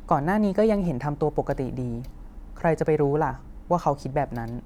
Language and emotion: Thai, neutral